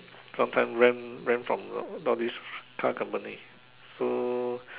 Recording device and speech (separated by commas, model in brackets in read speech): telephone, conversation in separate rooms